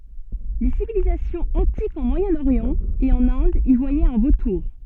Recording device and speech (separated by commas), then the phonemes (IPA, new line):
soft in-ear microphone, read sentence
le sivilizasjɔ̃z ɑ̃tikz ɑ̃ mwajɛ̃oʁjɑ̃ e ɑ̃n ɛ̃d i vwajɛt œ̃ votuʁ